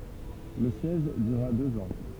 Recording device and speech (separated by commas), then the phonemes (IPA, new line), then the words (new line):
temple vibration pickup, read sentence
lə sjɛʒ dyʁa døz ɑ̃
Le siège dura deux ans.